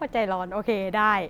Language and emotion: Thai, happy